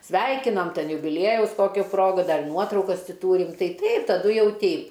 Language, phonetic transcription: Lithuanian, ˈsveikinam ˈten jubiˈliejaus ˈkokiu ˈprogu ˈdar ˈnuotraukas ˈti ˈtūrim ˈtai ˈtaip taˈdu ˈjau ˈteip

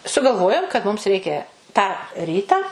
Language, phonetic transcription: Lithuanian, sugalˈvojom kad mums ˈreikia tą ˈrytą

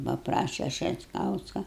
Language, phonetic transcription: Lithuanian, paˈpraše šetˈkauska

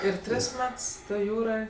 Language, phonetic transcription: Lithuanian, ir ˈtris ˈmets ˈtoj ˈjūroj

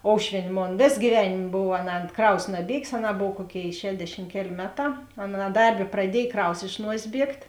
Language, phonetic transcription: Lithuanian, ˈoušvien' ˈmon ˈvės gyˈvenėm ˈbov anˈā ˈkraus naˈbiegės anˈā ˈbov ˈkuoˌkėi ˈšedešim ˈkeˌlė ˈmeˌtā anˈā ˈdarˌbė praˈdiej ˈkraus iš ˈnuosės ˈbiegt'

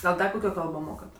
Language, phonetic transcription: Lithuanian, gal ˈda kuˈkio ˈkalbo ˈmokat

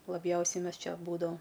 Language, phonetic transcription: Lithuanian, laˈbjausiai ˈmes ˈčia ˈbūdavam

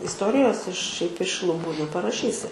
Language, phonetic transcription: Lithuanian, isˈtorijos iš šiaip iš luˈbų neparaˈšysi

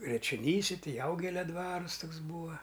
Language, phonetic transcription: Lithuanian, jačioˈnyse ˈtai ˈjaugelia ˈdvarus ˈtoks ˈbūva

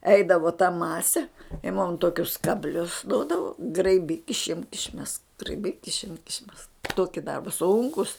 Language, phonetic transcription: Lithuanian, ˈeidavo ta ˈmase i mum ˈtokius kabˈlius ˈduodavo graiˈbyk išˈimk išˈmesk graiˈbyk išˈimk išˈmesk ˈtoki ˈdarba ˈsunkus

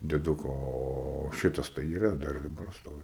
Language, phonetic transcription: Lithuanian, deˈduko o ˈšitas tai yˈra ˈdar ir daˈbar ˈstovi

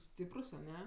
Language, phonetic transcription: Lithuanian, ˈstyprus aˈne

